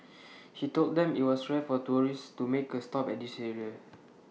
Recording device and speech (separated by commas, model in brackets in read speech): mobile phone (iPhone 6), read sentence